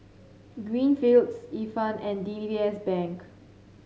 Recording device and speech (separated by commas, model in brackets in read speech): mobile phone (Samsung C7), read sentence